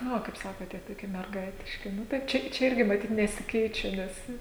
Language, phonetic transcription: Lithuanian, nu ˈva kaip ˈsakot ˈtie toˈkie merˈgaitiški ˈnu tai ˈčia ˈčia ˈirgi maˈtyt nesiˈkeičia ˈnes

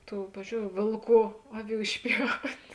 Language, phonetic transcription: Lithuanian, ˈtų ˈpavizdžiou ˈvėlˌkų ˈaˌvių išˈpjaut'

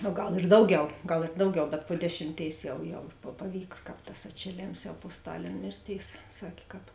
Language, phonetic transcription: Lithuanian, o ˈgal ir ˈdauˌgiau ˈgal ir ˈdauˌgiau bet po ˈdešimˌtėis ˈjau ˈjau pa paˈvyk ˈkāp tas atšėˈlėms jau po ˈstalėn ˈmėrˌtėis ˈsakė kāp

